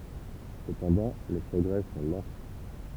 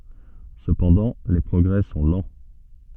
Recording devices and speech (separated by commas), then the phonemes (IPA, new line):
temple vibration pickup, soft in-ear microphone, read sentence
səpɑ̃dɑ̃ le pʁɔɡʁɛ sɔ̃ lɑ̃